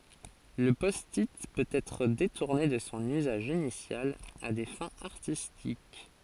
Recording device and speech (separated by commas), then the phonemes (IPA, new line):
forehead accelerometer, read sentence
lə pɔsti pøt ɛtʁ detuʁne də sɔ̃ yzaʒ inisjal a de fɛ̃z aʁtistik